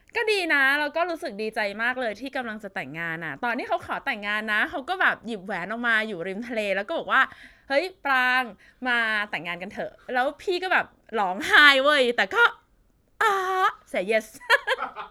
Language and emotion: Thai, happy